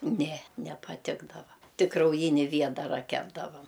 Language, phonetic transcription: Lithuanian, ne nepaˈtikdava ˈtik krauˈjini ˈviedara ˈkepdavam

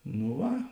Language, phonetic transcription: Lithuanian, nu ˈva

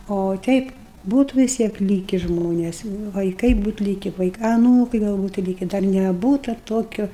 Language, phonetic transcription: Lithuanian, o ˈteip ˈbūtu vis ˈtiek ˈlyki ˈžmones vaiˈkai ˈbūt ˈlyki ˈvaika aˈnūkai ˈgal ˈbūtu ˈlyki dar neˈbūta ˈtokio

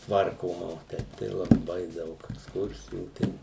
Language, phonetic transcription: Lithuanian, ˈtvarkoma o ˈteip tai laˈbai ˈdaug eksˈkursijų ˈten

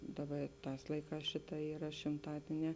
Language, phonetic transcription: Lithuanian, ˈdaˌba i ˈtās ˈlaiˌkās ˈšiˌtā ˈyra šimˈtadieˌnē

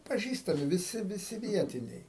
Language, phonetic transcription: Lithuanian, paˈžįstami viˈsi viˈsi ˈvietiniai

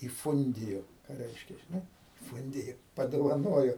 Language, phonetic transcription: Lithuanian, įˈfundijo ˈką ˈreiškia žiˈnai ˈfundijo padovaˈnojo

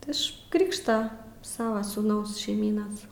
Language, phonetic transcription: Lithuanian, ti ˈiš ˈkrikšta ˈsava sūˈnaus šeiˈmynas

